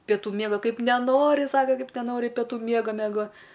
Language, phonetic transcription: Lithuanian, peˈtų ˈmiego ˈkaip neˈnori ˈsaka ˈkaip neˈnori peˈtų ˈmiego meˈgo

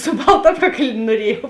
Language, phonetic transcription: Lithuanian, su ˈbalta ˈapˌkakl' nuoˈriejau

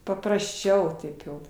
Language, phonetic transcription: Lithuanian, paprasˈčiau ˈtaip ˈjau

